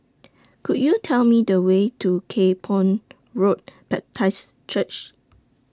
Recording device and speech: standing microphone (AKG C214), read sentence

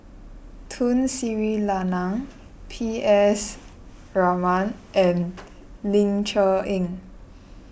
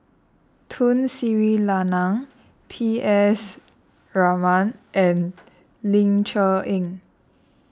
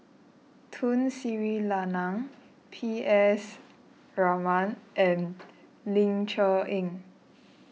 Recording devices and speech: boundary microphone (BM630), standing microphone (AKG C214), mobile phone (iPhone 6), read sentence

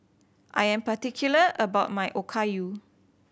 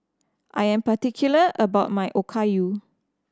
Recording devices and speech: boundary microphone (BM630), standing microphone (AKG C214), read sentence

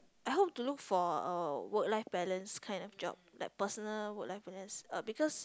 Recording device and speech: close-talking microphone, conversation in the same room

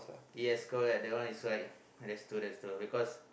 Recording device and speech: boundary microphone, conversation in the same room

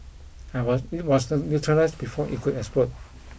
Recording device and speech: boundary microphone (BM630), read sentence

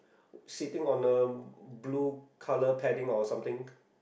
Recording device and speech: boundary microphone, conversation in the same room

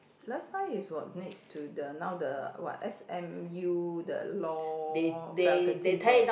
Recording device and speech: boundary microphone, conversation in the same room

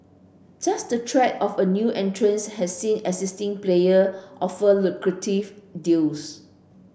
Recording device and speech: boundary microphone (BM630), read sentence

